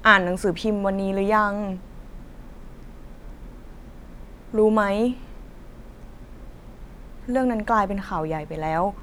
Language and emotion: Thai, sad